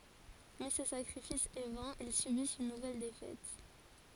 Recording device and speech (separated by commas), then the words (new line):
forehead accelerometer, read sentence
Mais ce sacrifice est vain, ils subissent une nouvelle défaite.